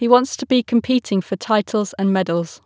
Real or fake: real